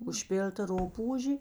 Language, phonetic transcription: Lithuanian, užˈpil'ta ˈrupūžė

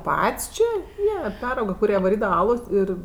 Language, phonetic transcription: Lithuanian, ˈpat's' ˈčė ˈjie ˈperauga kuˈrie vaˈrydava ˈalos ˈir

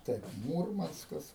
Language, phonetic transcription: Lithuanian, ˈtaip ˈmūrmanskas

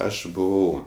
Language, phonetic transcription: Lithuanian, ˈaš buˈvau

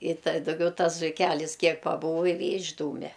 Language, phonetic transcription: Lithuanian, i ta dauˈgiau ˈtas zuiˈkælis ˈkiek paˈbūvo i vė išˈdūme

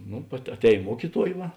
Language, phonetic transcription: Lithuanian, ˈnu aˈtēj ˈmuokiˌtuoj ˈva

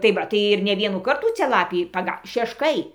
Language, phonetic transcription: Lithuanian, tai ˈva tai ir ne ˈvienų ˈkartų ˈcia ˈlapį paˈga šešˈkai

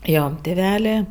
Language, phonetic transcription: Lithuanian, ˈjo tiˈvelė

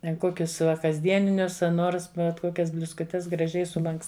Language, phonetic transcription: Lithuanian, ˈten ˈkokius ˈva kasˈdieninius a ˈnors bet ˈkokias bliuskuˈtes graˈžiai suˈlanks

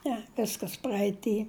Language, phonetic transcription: Lithuanian, ˈne ˈviskas praeiˈty

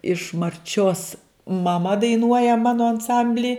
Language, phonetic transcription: Lithuanian, iš marˈčios maˈma daiˈnuoja ˈmano anˈsambly

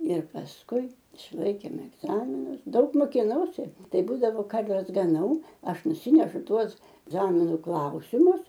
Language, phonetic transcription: Lithuanian, ir pasˈkui išˈlaikėm egˈzaminus ˈdaug mokiˈnausi ˈtai ˈbūdavo ˈkarves gaˈnau ˈaš nuˈsinešu ˈtuos ˈzaminu ˈklausimus

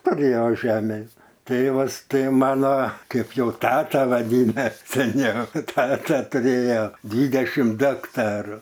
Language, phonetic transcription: Lithuanian, tuˈrėjo ˈžemės ˈtėvas ˈtai ˈmano ˈkaip ˈjau ˈtata vaˈdyna seˈniau ˈtata tuˈrėjo ˈdvydešim ˈdu akˈtaru

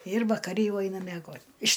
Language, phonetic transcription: Lithuanian, ir vakaˈri ˈjau ˈaina mieˈgot' iš

